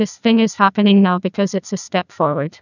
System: TTS, neural waveform model